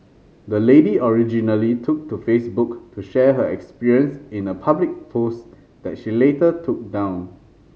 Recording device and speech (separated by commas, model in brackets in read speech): mobile phone (Samsung C5010), read sentence